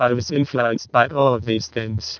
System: VC, vocoder